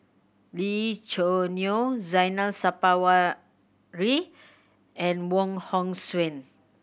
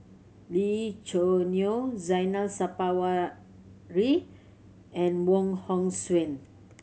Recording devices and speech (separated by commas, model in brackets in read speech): boundary microphone (BM630), mobile phone (Samsung C7100), read sentence